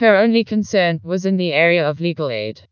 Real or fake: fake